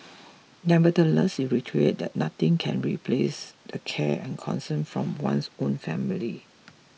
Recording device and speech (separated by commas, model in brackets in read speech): mobile phone (iPhone 6), read sentence